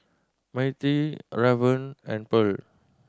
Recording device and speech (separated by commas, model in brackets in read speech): standing microphone (AKG C214), read sentence